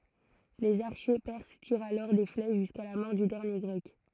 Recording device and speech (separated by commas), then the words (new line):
throat microphone, read sentence
Les archers perses tirent alors des flèches jusqu'à la mort du dernier Grec.